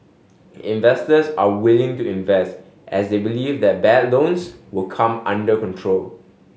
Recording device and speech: mobile phone (Samsung S8), read sentence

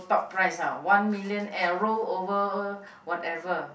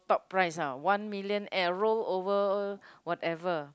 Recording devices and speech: boundary microphone, close-talking microphone, conversation in the same room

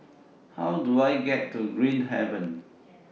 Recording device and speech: mobile phone (iPhone 6), read sentence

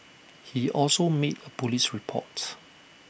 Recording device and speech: boundary microphone (BM630), read sentence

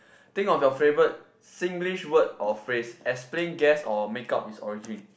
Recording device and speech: boundary microphone, conversation in the same room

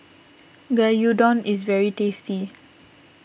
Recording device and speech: boundary microphone (BM630), read sentence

